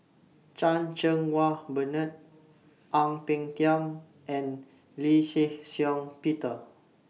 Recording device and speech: mobile phone (iPhone 6), read sentence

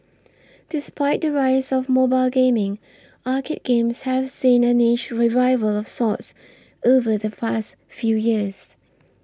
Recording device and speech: standing microphone (AKG C214), read sentence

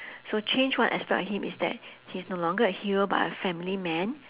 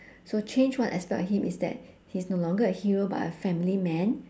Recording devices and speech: telephone, standing microphone, conversation in separate rooms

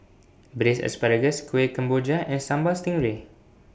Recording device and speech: boundary microphone (BM630), read sentence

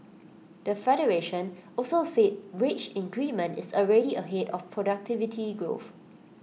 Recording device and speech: mobile phone (iPhone 6), read sentence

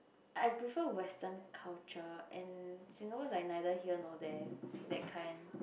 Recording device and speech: boundary microphone, conversation in the same room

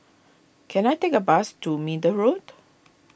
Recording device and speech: boundary microphone (BM630), read sentence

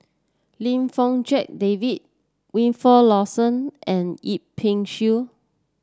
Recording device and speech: standing microphone (AKG C214), read sentence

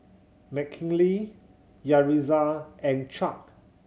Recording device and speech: mobile phone (Samsung C7100), read sentence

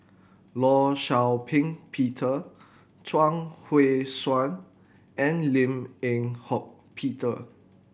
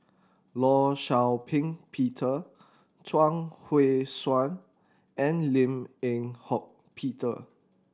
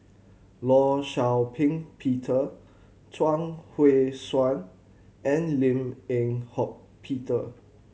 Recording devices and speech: boundary microphone (BM630), standing microphone (AKG C214), mobile phone (Samsung C7100), read sentence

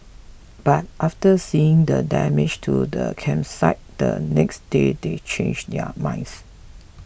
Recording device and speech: boundary microphone (BM630), read sentence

